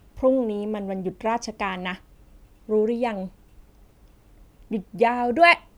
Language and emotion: Thai, happy